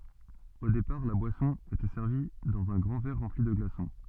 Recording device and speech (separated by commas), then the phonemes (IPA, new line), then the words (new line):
soft in-ear microphone, read sentence
o depaʁ la bwasɔ̃ etɛ sɛʁvi dɑ̃z œ̃ ɡʁɑ̃ vɛʁ ʁɑ̃pli də ɡlasɔ̃
Au départ, la boisson était servie dans un grand verre rempli de glaçons.